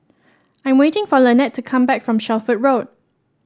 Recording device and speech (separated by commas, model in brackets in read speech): standing microphone (AKG C214), read sentence